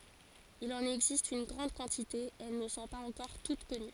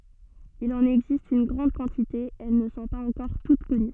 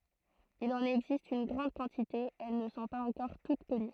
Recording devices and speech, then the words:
forehead accelerometer, soft in-ear microphone, throat microphone, read sentence
Il en existe une grande quantité et elles ne sont pas encore toutes connues.

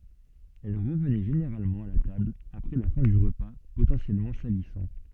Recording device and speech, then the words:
soft in-ear microphone, read sentence
Elle revenait généralement à la table après la fin du repas potentiellement salissant.

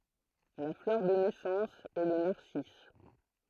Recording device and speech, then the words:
throat microphone, read sentence
La fleur de naissance est le narcisse.

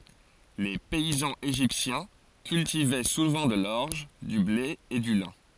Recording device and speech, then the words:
forehead accelerometer, read sentence
Les paysans égyptiens cultivaient souvent de l'orge, du blé et du lin.

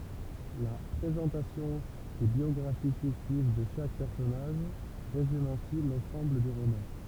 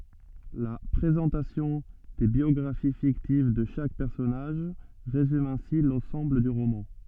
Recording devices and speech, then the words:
temple vibration pickup, soft in-ear microphone, read sentence
La présentation des biographies fictives de chaque personnage résume ainsi l’ensemble du roman.

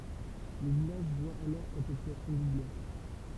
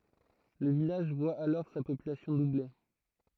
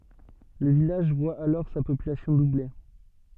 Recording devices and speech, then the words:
temple vibration pickup, throat microphone, soft in-ear microphone, read sentence
Le village voit alors sa population doubler.

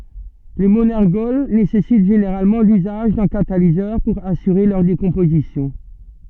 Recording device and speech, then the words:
soft in-ear microphone, read sentence
Les monergols nécessitent généralement l'usage d'un catalyseur pour assurer leur décomposition.

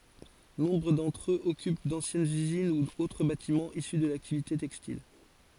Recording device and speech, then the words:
forehead accelerometer, read sentence
Nombre d'entre eux occupent d'anciennes usines ou autres bâtiments issus de l'activité textile.

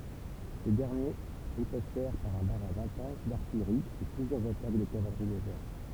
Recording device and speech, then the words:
temple vibration pickup, read sentence
Ces derniers ripostèrent par un barrage intense d'artillerie et plusieurs attaques de cavalerie légères.

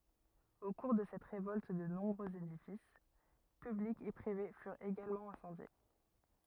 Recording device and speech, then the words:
rigid in-ear microphone, read sentence
Au cours de cette révolte de nombreux édifices publics et privés furent également incendiés.

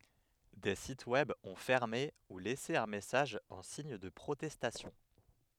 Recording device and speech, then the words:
headset microphone, read sentence
Des sites Web ont fermé ou laissé un message en signe de protestation.

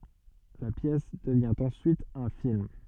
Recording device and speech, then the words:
soft in-ear microphone, read sentence
La pièce devient en suite un film.

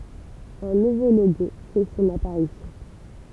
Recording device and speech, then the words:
temple vibration pickup, read sentence
Un nouveau logo fait son apparition.

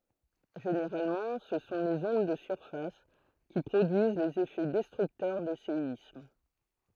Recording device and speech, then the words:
throat microphone, read sentence
Généralement ce sont les ondes de surface qui produisent les effets destructeurs des séismes.

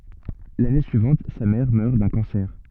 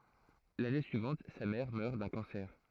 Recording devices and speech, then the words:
soft in-ear microphone, throat microphone, read sentence
L’année suivante, sa mère meurt d’un cancer.

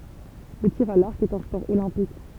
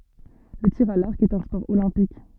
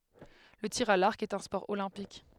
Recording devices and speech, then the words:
temple vibration pickup, soft in-ear microphone, headset microphone, read sentence
Le tir à l'arc est un sport olympique.

